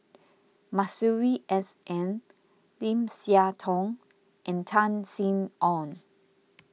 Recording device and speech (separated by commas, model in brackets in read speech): mobile phone (iPhone 6), read sentence